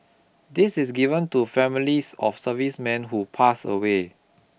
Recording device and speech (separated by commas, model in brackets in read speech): boundary microphone (BM630), read sentence